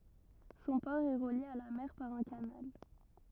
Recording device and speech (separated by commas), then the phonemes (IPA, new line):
rigid in-ear microphone, read sentence
sɔ̃ pɔʁ ɛ ʁəlje a la mɛʁ paʁ œ̃ kanal